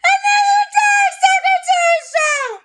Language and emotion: English, neutral